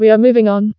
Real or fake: fake